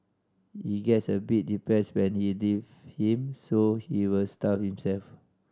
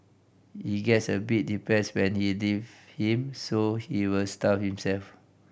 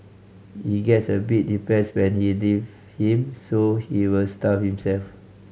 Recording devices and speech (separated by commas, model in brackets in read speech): standing microphone (AKG C214), boundary microphone (BM630), mobile phone (Samsung C5010), read sentence